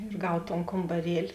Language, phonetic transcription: Lithuanian, ir ˈgav ton kombaˈrieli

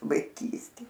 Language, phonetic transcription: Lithuanian, vaiˈkystė

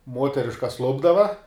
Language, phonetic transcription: Lithuanian, ˈmuoteriškas ˈlupdava

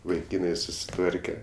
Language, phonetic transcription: Lithuanian, vaiˈkynai susiˈtvarke

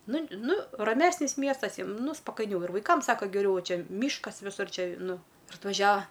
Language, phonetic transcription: Lithuanian, ˈnu ˈnu raˈmesnis ˈmiestas ˈjiem ˈnu spakaiˈniau ir vaiˈkam ˈsaka geˈriau ˈva ˈčia ˈmyškas viˈsur ˈčia ˈnu ir atvaˈžiava

